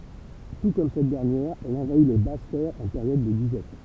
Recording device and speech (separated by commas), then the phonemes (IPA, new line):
temple vibration pickup, read sentence
tu kɔm sɛt dɛʁnjɛʁ ɛl ɑ̃vai le bas tɛʁz ɑ̃ peʁjɔd də dizɛt